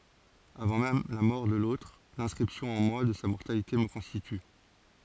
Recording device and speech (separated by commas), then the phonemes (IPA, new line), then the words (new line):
forehead accelerometer, read sentence
avɑ̃ mɛm la mɔʁ də lotʁ lɛ̃skʁipsjɔ̃ ɑ̃ mwa də sa mɔʁtalite mə kɔ̃stity
Avant même la mort de l'autre, l'inscription en moi de sa mortalité me constitue.